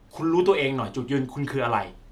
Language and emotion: Thai, frustrated